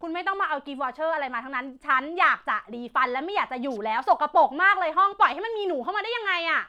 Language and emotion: Thai, angry